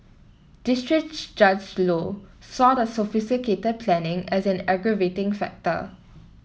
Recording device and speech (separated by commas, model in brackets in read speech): mobile phone (iPhone 7), read sentence